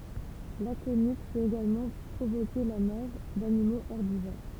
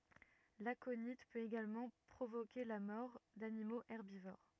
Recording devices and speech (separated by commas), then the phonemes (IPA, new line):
temple vibration pickup, rigid in-ear microphone, read sentence
lakoni pøt eɡalmɑ̃ pʁovoke la mɔʁ danimoz ɛʁbivoʁ